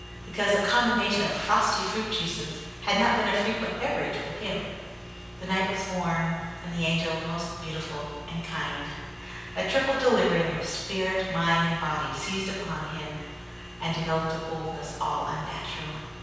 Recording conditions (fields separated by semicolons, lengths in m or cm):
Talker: one person; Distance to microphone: 7.1 m; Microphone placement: far; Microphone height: 1.7 m; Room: very reverberant, large; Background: none